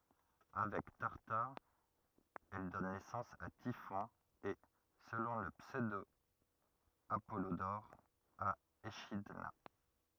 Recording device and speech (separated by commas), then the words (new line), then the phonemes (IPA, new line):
rigid in-ear microphone, read sentence
Avec Tartare, elle donne naissance à Typhon et, selon le pseudo-Apollodore, à Échidna.
avɛk taʁtaʁ ɛl dɔn nɛsɑ̃s a tifɔ̃ e səlɔ̃ lə psødo apɔlodɔʁ a eʃidna